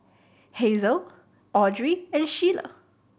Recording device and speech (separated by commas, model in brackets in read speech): boundary microphone (BM630), read sentence